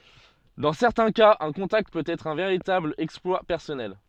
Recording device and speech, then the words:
soft in-ear microphone, read sentence
Dans certains cas un contact peut être un véritable exploit personnel.

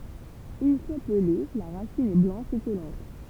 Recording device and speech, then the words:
temple vibration pickup, read sentence
Une fois pelée, la racine est blanche et collante.

